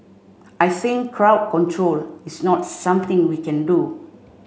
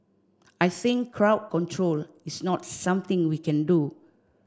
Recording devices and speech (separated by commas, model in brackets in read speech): mobile phone (Samsung C5), standing microphone (AKG C214), read sentence